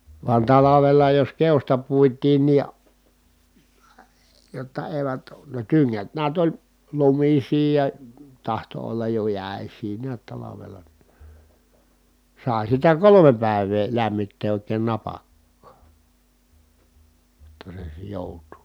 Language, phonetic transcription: Finnish, van talavela jos keosta puit̀iin ni , jotta èi̮vät , ne tyŋŋät niät oĺ , lumisii ja , tahto ollaj jo jä̀es̀ii niät talavela ni , sài̮ sitä kolome pä̀i̮vee lämmittee òi̮keen napakkaa , jotta se sI- , jòut̀uu .
- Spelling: vaan talvella jos keosta puitiin niin jotta eivät ne tyngät näet oli lumisia ja tahtoi olla jo jäisiä näet talvella niin sai sitä kolme päivää lämmittää oikein napakkaa jotta se - joutuu

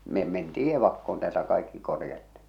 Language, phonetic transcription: Finnish, me mentii 'evakkoon täältä kaikki korjattɪ .
- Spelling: me mentiin evakkoon täältä kaikki korjattiin

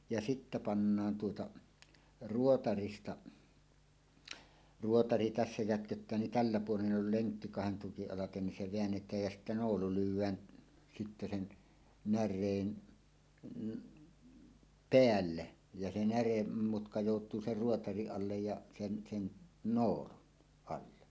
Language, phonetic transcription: Finnish, ja sittä 'pannaan tuota , "ruotarista , 'ruotari tässä jätköttää nin "tällä 'puolen ’ol "leŋkki kahen tukiˀ ˀalaten nin 'se 'veännet̀ääj jä sittä 'noolu lyw̆wään , sitte sen , 'när̆reen , "peälle , ja se 'näremmutka jòut̀uu ser "ruotariˀ 'ˀallej ja , sen sen "noolun , 'alle .
- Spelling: ja sitten pannaan tuota ruotarista ruotari tässä jätköttää niin tällä puolen on lenkki kahden tukin alitse niin se väännetään ja sitten noolu lyödään sitten sen näreen päälle ja se näremutka joutuu sen ruotarin alle ja sen sen noolun alle

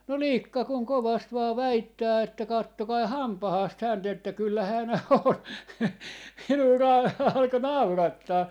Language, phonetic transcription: Finnish, no "lìkka kuŋ 'kovast 'vaa "väittää että » 'kattokai "hampahaast 'hänt ‿että 'kyllä 'hän on » 'minuu na- , 'alko "naurattaa .
- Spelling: no likka kun kovasti vain väittää että katsokaa hampaasta häntä että kyllä hän on minua - alkoi naurattaa

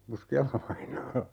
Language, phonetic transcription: Finnish, 'Puski₍ala-vainaa .
- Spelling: Puskiala-vainaa

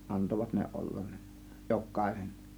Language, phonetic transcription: Finnish, antovat ne "ol-lan ne , "jok̆kàėsen .
- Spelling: antoivat ne olla ne jokaisen

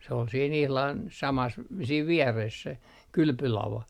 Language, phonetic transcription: Finnish, se ol siin 'ihlan , 'samas , siiv 'viɛres se , "kylpylava .
- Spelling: se oli siinä ihan samassa siinä vieressä se kylpylava

